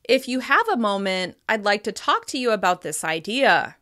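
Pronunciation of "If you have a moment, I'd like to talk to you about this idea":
There is a slight rise in pitch at the end of 'If you have a moment', before 'I'd like to talk to you about this idea'.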